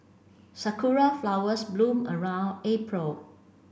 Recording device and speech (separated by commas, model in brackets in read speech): boundary microphone (BM630), read sentence